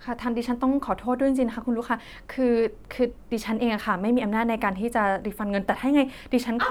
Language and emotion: Thai, sad